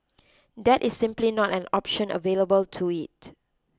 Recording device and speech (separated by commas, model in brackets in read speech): close-talking microphone (WH20), read sentence